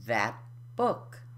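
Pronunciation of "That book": In 'that book', the t at the end of 'that' is unaspirated: no air is released on it.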